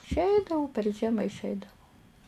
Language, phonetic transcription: Lithuanian, išˈeidavu per ˈžiema išˈeidavu

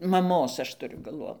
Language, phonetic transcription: Lithuanian, maˈmos ˈaš tuˈriu galˈvon

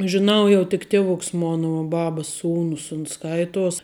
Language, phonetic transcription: Lithuanian, žiˈnau jau tik ˈtievuks ˈmona vuo ˈbabəs ˈsūnus uns ˈskaituos

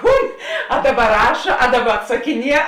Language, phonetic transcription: Lithuanian, ˈkūn a ˈdaˌba ˈraša a ˈdaˌba atsaˈkiˌnie

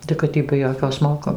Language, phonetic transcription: Lithuanian, tai kad ˈtį be ˈjokio ˈsmoko

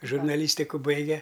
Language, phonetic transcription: Lithuanian, žurnaˈlystiku ˈbaige

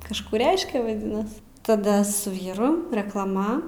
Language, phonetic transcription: Lithuanian, kažˈkų ˈreiškia vaˈdinas taˈda su ˈvyru reklaˈma

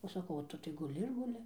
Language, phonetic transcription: Lithuanian, o saˈkau o ˈtu tai guˈli ir guˈli

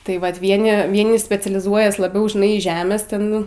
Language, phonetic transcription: Lithuanian, tai ˈvat ˈvieni ˈvieni specialiˈzuojas laˈbiau žiˈnai įˈžemės ˈten

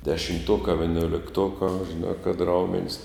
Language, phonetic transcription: Lithuanian, dešimˈtuokā viniolikˈtuokā žiˈnā kad ˈraumen's'

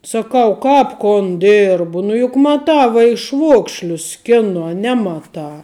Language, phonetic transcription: Lithuanian, saˈkau ˈkāp kon ˈdėrbu nu juk maˈtā vaišˈvuokšlius ˈskeno a ˈnematā

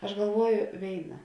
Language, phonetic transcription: Lithuanian, aš galˈvuoju ˈvėina

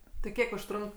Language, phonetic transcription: Lithuanian, ti ˈkiek užˈtrunk

